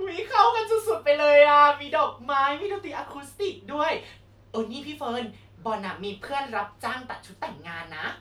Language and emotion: Thai, happy